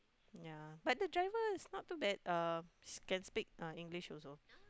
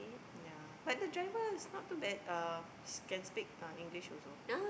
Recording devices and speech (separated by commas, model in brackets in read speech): close-talking microphone, boundary microphone, conversation in the same room